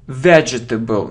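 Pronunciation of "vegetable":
'Vegetable' is pronounced incorrectly here.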